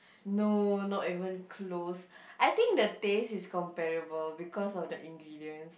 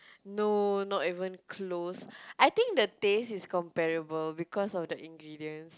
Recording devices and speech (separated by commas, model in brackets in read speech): boundary microphone, close-talking microphone, conversation in the same room